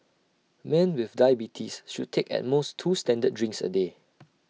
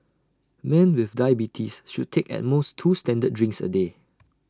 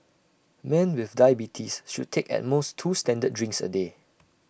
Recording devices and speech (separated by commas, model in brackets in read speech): mobile phone (iPhone 6), standing microphone (AKG C214), boundary microphone (BM630), read sentence